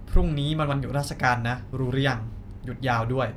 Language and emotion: Thai, neutral